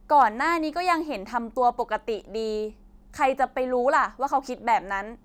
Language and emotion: Thai, frustrated